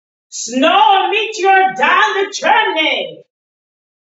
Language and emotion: English, disgusted